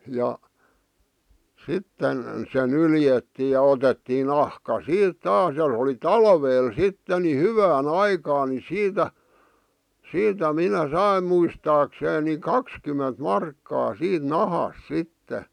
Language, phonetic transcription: Finnish, ja , 'sitten , se 'nyljettii ja 'otettii 'nahka "siit "taas ja oli "talveel 'sitte ni "hyvää"n ‿aikaan ni 'siitä , 'siitä "minä "saim muistaakseen ni "kakskymment "markkaa 'siit "nahas 'sitte .
- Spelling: ja sitten se nyljettiin ja otettiin nahka siitä taas ja oli talvella sitten niin hyvään aikaan niin siitä siitä minä sain muistaakseni niin kaksikymmentä markkaa siitä nahasta sitten

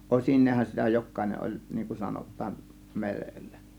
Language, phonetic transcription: Finnish, ˀosin̆neehan sitä 'jok̆kàėneˀ ˀoĺ , niiŋ kun 'sanot̆taan , "merellä .
- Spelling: osineenhan sitä jokainen oli niin kuin sanotaan merellä

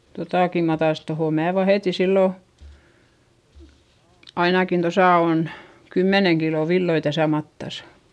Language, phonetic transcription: Finnish, totàki mää tais - tohò mää vahèti sillo , ainakin tosà on , kymmeneŋ kilo villoi täsä mattasA .
- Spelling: tuotakin minä taisin tuohon minä vahetin silloin ainakin tuossa on kymmenen kiloa villoja tässä matassa

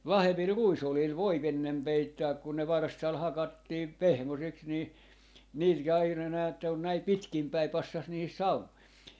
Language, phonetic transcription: Finnish, ('vahvemmil) "ruisolil 'voi'p ‿ennem 'peittääk kun ne "varstal 'hakattiim , "pehmoseks nii , 'niil ja aina näätte on näi "pitkim 'päi 'passas nihis "saumoi .
- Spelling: vahvemmilla ruisoljilla voi ennen peittää kun ne varstalla hakattiin pehmoiseksi niin niillä ja aina näette on näin pitkin päin passasi niihin saumoihin

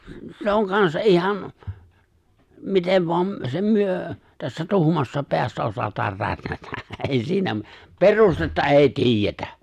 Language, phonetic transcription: Finnish, 'se oŋ 'kansa '’ihan , 'mitev voam , sem 'myö , tässä 'tuhmassa 'peässä osat̀aar 'rätnätä , 'èi siinä , "perustetta "’è̬i "ti̬ijjetä !
- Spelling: se on kanssa ihan miten vain sen me tässä tuhmassa päässä osataan rätnätä ei siinä perustetta ei tiedetä

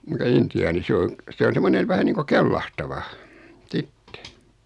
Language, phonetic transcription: Finnish, muta 'inti₍aani 'se oŋ , 'se on̬ 'semmonen̳ 'vähä niiŋko "kellahtava , 'sitte .
- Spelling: mutta intiaani se on se on semmoinen vähän niin kuin kellahtava sitten

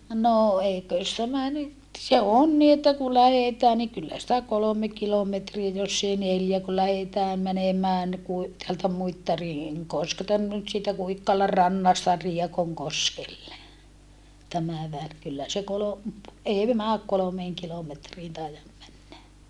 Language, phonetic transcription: Finnish, no eikö̀s tämä nyt , se on ni että ku lähetää ni kyllä sⁱtä kolome kilometriä joss ‿ei neljä ku lähetää mänemään ni Kui- , teältä Muittariŋ , -Koskelta nyt siitä Kuikkala rannasta Riekoŋkoskelle , tämä väl , kyllä se kolo- , ei määk kolomeeŋ kilometriin taijam männä .
- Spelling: no eikös tämä nyt se on niin että kun lähdetään niin kyllä sitä kolme kilometriä jos ei neljä kun lähdetään menemään niin - täältä Muittarin Koskelta nyt siitä Kuikkalan rannasta Riekonkoskelle tämä väli kyllä se - ei mene kolmeen kilometriin taida mennä

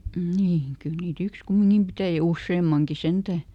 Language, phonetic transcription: Finnish, ˈm̥ŋ ˈkyl niiˈt ‿yks "kummiŋkim ˈpitäjä- ja "usseemmaŋki ˈsentä̀ .
- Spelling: mm kyllä niitä yksi kumminkin - ja useammankin sentään

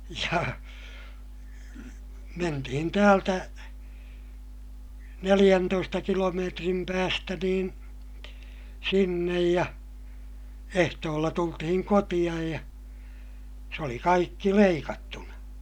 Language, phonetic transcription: Finnish, ja , mentihin täältä , neliʲäntoista kilomeetrim päästä niin , sinnej ja , ehtoolla tultihiŋ kotiʲaj ja , se oli kaikki leikattuna !
- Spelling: ja mentiin täältä neljäntoista kilometrin päästä niin sinne ja ehtoolla tultiin kotiin ja se oli kaikki leikattuna

